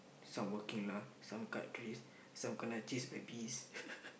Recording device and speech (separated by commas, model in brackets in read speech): boundary microphone, conversation in the same room